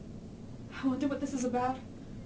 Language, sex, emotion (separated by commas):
English, female, fearful